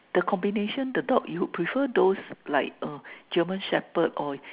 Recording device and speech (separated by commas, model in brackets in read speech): telephone, conversation in separate rooms